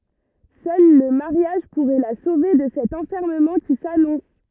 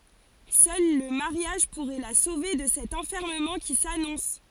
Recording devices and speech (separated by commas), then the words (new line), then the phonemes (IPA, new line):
rigid in-ear microphone, forehead accelerometer, read sentence
Seul le mariage pourrait la sauver de cet enfermement qui s’annonce.
sœl lə maʁjaʒ puʁɛ la sove də sɛt ɑ̃fɛʁməmɑ̃ ki sanɔ̃s